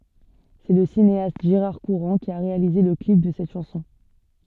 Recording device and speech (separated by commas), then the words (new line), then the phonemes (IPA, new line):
soft in-ear microphone, read sentence
C'est le cinéaste Gérard Courant qui a réalisé le clip de cette chanson.
sɛ lə sineast ʒeʁaʁ kuʁɑ̃ ki a ʁealize lə klip də sɛt ʃɑ̃sɔ̃